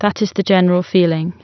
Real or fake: real